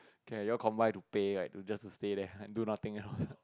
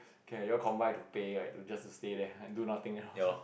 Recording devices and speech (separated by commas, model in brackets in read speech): close-talking microphone, boundary microphone, conversation in the same room